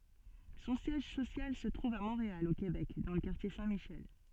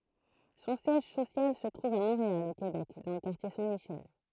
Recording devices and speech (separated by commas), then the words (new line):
soft in-ear microphone, throat microphone, read sentence
Son siège social se trouve à Montréal, au Québec, dans le quartier Saint-Michel.